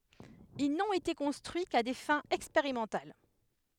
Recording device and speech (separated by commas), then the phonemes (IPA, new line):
headset microphone, read sentence
il nɔ̃t ete kɔ̃stʁyi ka de fɛ̃z ɛkspeʁimɑ̃tal